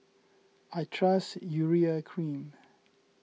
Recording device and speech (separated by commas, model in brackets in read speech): mobile phone (iPhone 6), read sentence